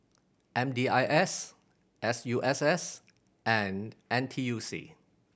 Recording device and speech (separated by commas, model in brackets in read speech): boundary microphone (BM630), read sentence